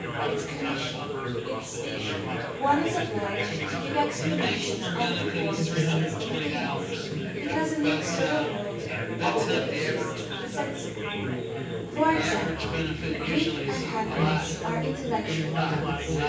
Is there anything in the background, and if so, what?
Crowd babble.